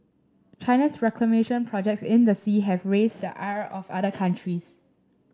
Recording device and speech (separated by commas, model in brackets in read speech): standing microphone (AKG C214), read sentence